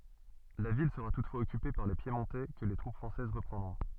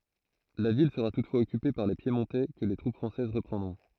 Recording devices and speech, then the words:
soft in-ear microphone, throat microphone, read sentence
La ville sera toutefois occupée par les Piémontais que les troupes françaises reprendront.

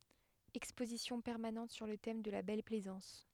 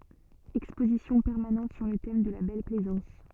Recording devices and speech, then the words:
headset microphone, soft in-ear microphone, read sentence
Exposition permanente sur le thème de la Belle Plaisance.

